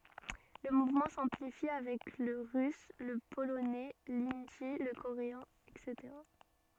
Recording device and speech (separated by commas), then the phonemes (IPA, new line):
soft in-ear microphone, read sentence
lə muvmɑ̃ sɑ̃plifi avɛk lə ʁys lə polonɛ lindi lə koʁeɛ̃ ɛtseteʁa